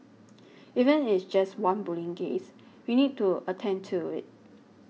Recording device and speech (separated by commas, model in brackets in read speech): mobile phone (iPhone 6), read sentence